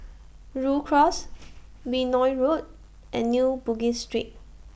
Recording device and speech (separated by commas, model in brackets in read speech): boundary microphone (BM630), read sentence